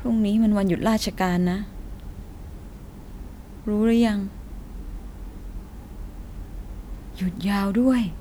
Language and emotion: Thai, frustrated